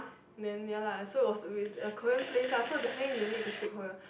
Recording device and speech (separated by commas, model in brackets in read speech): boundary microphone, conversation in the same room